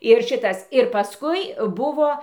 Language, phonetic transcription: Lithuanian, ir ˈšitas ir paˈskui ˈbuvo

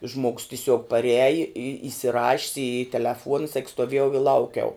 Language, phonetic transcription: Lithuanian, žmogs tiˈsiuog paˈriaji i isiˈrašis i teleˈfuona sak stoˈviejau i ˈlaukiau

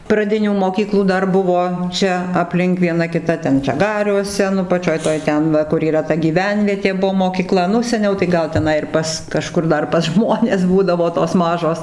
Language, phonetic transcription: Lithuanian, praˈdinių moˈkyklų ˈdar ˈbuvo ˈčia apˈlink vieˈna kiˈta ˈten žaˈgariuose nu paˈčioj ˈtoj ˈten ˈva kur yˈra ta gyˈvenvietė ˈbuo mokyˈkla ˈnu seˈniau tai ˈgal teˈnai ir ˈpas kaˈžkur ˈdar pas ˈžmones ˈbūdavo tos ˈmažos

